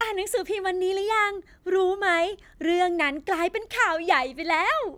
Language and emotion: Thai, happy